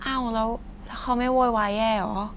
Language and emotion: Thai, neutral